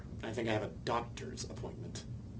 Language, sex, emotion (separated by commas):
English, male, disgusted